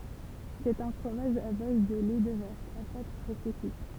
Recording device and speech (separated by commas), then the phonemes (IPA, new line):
temple vibration pickup, read sentence
sɛt œ̃ fʁomaʒ a baz də lɛ də vaʃ a pat pʁɛse kyit